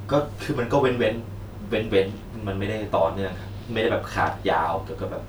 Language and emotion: Thai, frustrated